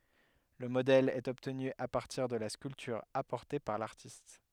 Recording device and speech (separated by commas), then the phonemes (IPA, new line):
headset microphone, read sentence
lə modɛl ɛt ɔbtny a paʁtiʁ də la skyltyʁ apɔʁte paʁ laʁtist